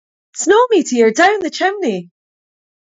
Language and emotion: English, happy